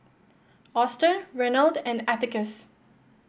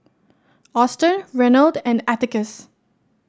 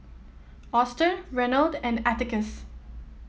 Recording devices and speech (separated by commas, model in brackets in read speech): boundary microphone (BM630), standing microphone (AKG C214), mobile phone (iPhone 7), read sentence